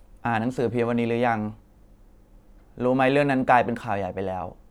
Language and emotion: Thai, neutral